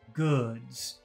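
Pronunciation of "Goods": At the end of 'Goods' there is a push of air. The word is said long.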